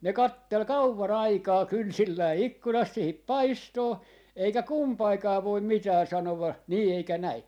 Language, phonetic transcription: Finnish, 'ne "kattel "kauva'n ‿aikaa 'kynsilläi "ikkunast 'siihip̆ "paistoo , eikä "kumpaikaa voim 'mitää 'sanova , 'nii eikä 'näi .
- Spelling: ne katseli kauan aikaa kynsillään ikkunasta siihen paistoon eikä kumpikaan voi mitään sanoa niin eikä näin

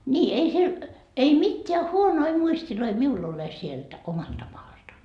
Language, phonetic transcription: Finnish, 'nii 'ei siel , ei "mitteä 'huonoi 'muistiloi 'miul ‿ole sielt , 'omalta maalta .
- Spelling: niin ei siellä ei mitään huonoja muisteja minulla ole sieltä omalta maalta

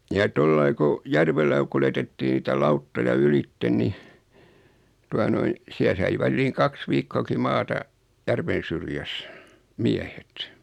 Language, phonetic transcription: Finnish, ja 'tollai ku , 'järvellä (ko) 'kuljetettii niitä 'lauttoja "ylitten ni , 'tua noin , 'siä sai 'välliiŋ "kaks viikkooki 'maata , 'järven̬ syrjäs , "miähet .
- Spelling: ja tuolla lailla kun järvellä kun kuljetettiin niitä lauttoja ylitse niin tuota noin siellä sai väliin kaksi viikkoakin maata järven syrjässä miehet

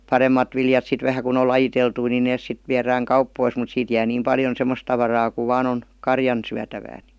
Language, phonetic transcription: Finnish, paremmat viljat sit vähä kun ‿ol 'lajiteltui ni "nees sit 'viärääŋ "kauppois mut 'siit jää niim 'paljon "semmos tavaraa ku "vaan ‿on , "karjan , 'syätävää NI .
- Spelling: paremmat viljat sitten vähän kun on lajiteltuja niin ne sitten viedään kauppoihin mutta siitä jää niin paljon semmoista tavaraa kun vain on karjan syötävää niin

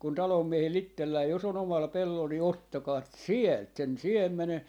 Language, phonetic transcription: Finnish, kun 'talom'miehel"l ‿ittellää jos ‿o'n ‿omal 'pellol ni "ottakaat "sielt sen "siem̆mene .
- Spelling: kun talonmiehellä itsellään jos on omalla pellolla niin ottakaa sieltä sen siemenen

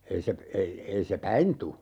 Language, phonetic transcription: Finnish, ei se , ei , 'ei se "päin tu .
- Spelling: ei se ei ei se päin tule

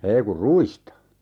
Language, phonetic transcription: Finnish, 'ei kur "ruista .
- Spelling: ei kun ruista

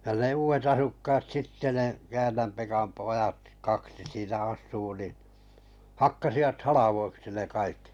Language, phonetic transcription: Finnish, ja ne 'uuvet 'asukkaat 'sitte ne , 'Käännäm Pekam 'poʲat , 'kaksi siinä 'as̆suu nin̬ , 'hakkasivat "halavoiksi ne 'kaikki .
- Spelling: ja ne uudet asukkaat sitten ne Käännän Pekan pojat kaksi siinä asuu niin hakkasivat haloiksi ne kaikki

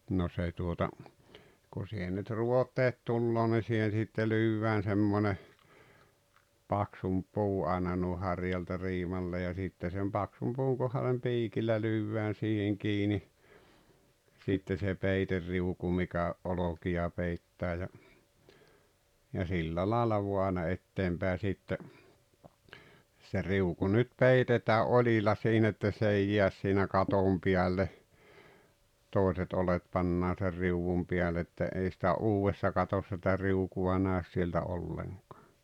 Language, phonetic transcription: Finnish, no se tuota , kun̬ 'sihen nyt "ruot̀eet 'tulloo ni 'siihen̬ sitte 'lyyvvään 'semmone , 'paksump "puu 'àena nùi 'harjalta 'riimalle ja 'sitte sem "paksum puuŋ kohalem 'piikillä 'lyvvään̬ siiheŋ 'kiini , sitte se 'peiterriuku mikä , "’olokija 'peittää ja , ja 'sillä laala vua àena 'etteem pä̀e sitte , se 'riuku nyt "peitetää "’oĺila siin ‿että 's ‿ei "jiäs siinä 'katom 'piälle , 'tòiset olet 'pannaa ser "riuwum piäl ‿että , ei sⁱtä "uuwessa 'katossᵃ sⁱtä "riuku₍a 'nä̀ös sieltä 'olleŋkᴀᴀ .
- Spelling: no se tuota kun siihen nyt ruoteet tulee niin siihen sitten lyödään semmoinen paksumpi puu aina noin harjalta riimalle ja sitten sen paksun puun kohdalle piikillä lyödään siihen kiinni sitten se peiteriuku mikä olkia peittää ja ja sillä lailla vain aina eteen päin sitten se riuku nyt peitetään oljilla siinä että se ei jää siinä katon päälle toiset oljet pannaan sen riu'un päälle että ei sitä uudessa katossa sitä riukua näy sieltä ollenkaan

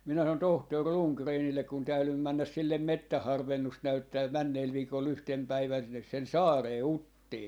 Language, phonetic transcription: Finnish, minä sanon "tohtor "Ruŋkreenillek kun 'täylym 'männäs 'sillem "mettäh 'harvennust 'näyttää "männeel 'viikol 'yhtem 'päivän sinnes sen "saaree "Uttii .
- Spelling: minä sanoin tohtori Rundgrenille kun täydyin mennä sille metsän harvennusta näyttämään menneellä viikolla yhtenä päivänä sinne sen saareen Uttiin

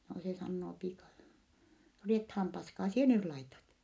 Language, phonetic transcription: Finnish, noo se sannoo piika , » no riethaam paskaa sie nyl laitat !
- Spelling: no se sanoo piika no riettaan paskaa sinä nyt laitat

